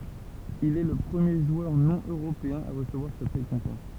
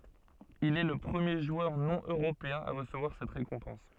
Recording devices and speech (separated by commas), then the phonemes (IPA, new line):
temple vibration pickup, soft in-ear microphone, read sentence
il ɛ lə pʁəmje ʒwœʁ nonøʁopeɛ̃ a ʁəsəvwaʁ sɛt ʁekɔ̃pɑ̃s